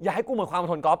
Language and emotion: Thai, angry